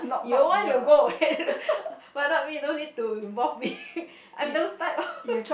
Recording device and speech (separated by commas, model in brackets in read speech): boundary microphone, conversation in the same room